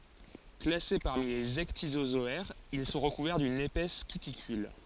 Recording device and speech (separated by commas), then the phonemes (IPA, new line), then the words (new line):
forehead accelerometer, read sentence
klase paʁmi lez ɛkdizozɔɛʁz il sɔ̃ ʁəkuvɛʁ dyn epɛs kytikyl
Classés parmi les ecdysozoaires, ils sont recouverts d'une épaisse cuticule.